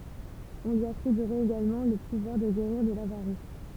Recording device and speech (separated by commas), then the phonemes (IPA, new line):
temple vibration pickup, read sentence
ɔ̃ lyi atʁibyʁɛt eɡalmɑ̃ lə puvwaʁ də ɡeʁiʁ də lavaʁis